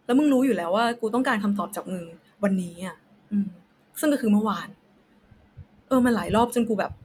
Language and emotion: Thai, frustrated